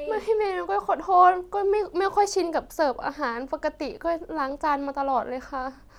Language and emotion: Thai, sad